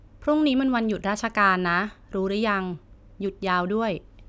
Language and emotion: Thai, neutral